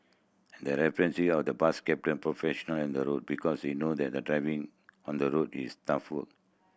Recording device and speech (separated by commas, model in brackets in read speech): boundary microphone (BM630), read sentence